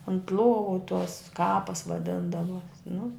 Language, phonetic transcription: Lithuanian, unt ˈluovu tuos ˈkapas vaˈdindavuo nu

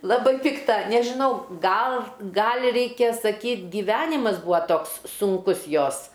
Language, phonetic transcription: Lithuanian, ˈlabai ˈpikta nežiˈnau ˈgal ˈgal' ˈreikia saˈkyt' giˈvenimas ˈbūa ˈtoks sunˈkus ˈjos

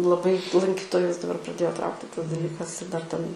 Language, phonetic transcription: Lithuanian, laˈbai lanˈkytojus daˈbar praˈdėjo ˈtraukti tas daˈlykas ir dar ten

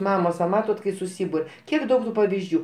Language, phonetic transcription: Lithuanian, ˈmamos va ˈmatot kai suˈsybur' ˈkiek ˈdaug tu pavizˈdžių

